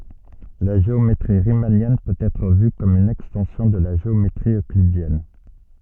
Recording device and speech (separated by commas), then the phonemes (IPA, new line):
soft in-ear microphone, read sentence
la ʒeometʁi ʁimanjɛn pøt ɛtʁ vy kɔm yn ɛkstɑ̃sjɔ̃ də la ʒeometʁi øklidjɛn